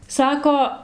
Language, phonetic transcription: Lithuanian, ˈsako

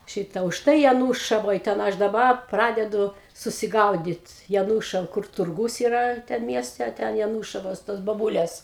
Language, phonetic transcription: Lithuanian, ˈšita užˈtai jaˈnūšavoj ten ˈaš daˈba ˈpradedu susiˈgaudit jaˈnūšava kur turˈgūs yˈra ˈten ˈmieste a ˈten jaˈnūšavos tos boˈbulės

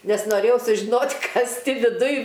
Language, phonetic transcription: Lithuanian, ˈnes noˈrėjau sužiˈnot' ˈkas ˈti viˈduj

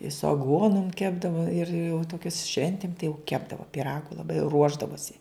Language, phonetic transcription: Lithuanian, i su aˈguonum ˈkepdavo ir jau toˈkius ˈšventim tai jau ˈkepdavo piˈragu laˈbai ˈruošdavosi

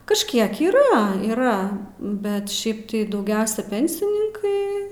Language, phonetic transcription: Lithuanian, kažˈkiek yˈra yˈra bet ˈšiaip tai dauˈgiausia ˈpensininkai

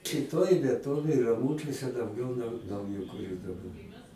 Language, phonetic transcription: Lithuanian, šiˈtoj vieˈtovėj raˈmūčiuose dauˈgiau nau naujakuˈrių daˈbar

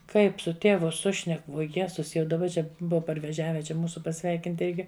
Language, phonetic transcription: Lithuanian, ˈkaip su ˈtėvu ˈsušnek vuo ˈjezus jau daˈba ˈčia ˈbuva parveˈžiave ˈčia ˈmūsu paˈsveikint ˈirgi

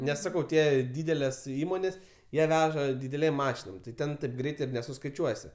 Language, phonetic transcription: Lithuanian, ˈnes ˈsakau ˈtie ˈdydeles ˈįmonės ˈjie ˈveža dideˈlėm ˈmašinom tai ˈten taip ˈgreit ir nesuskaiˈčiuosi

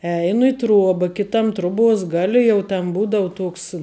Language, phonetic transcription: Lithuanian, ˈeinu i ˈtruoba ˈkitam ˈtruˌbuos ˈgali jau ten ˈbūdavu ˈtuoks

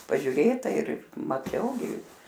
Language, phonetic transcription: Lithuanian, pažiuˈrėta ir maˈčiau gi

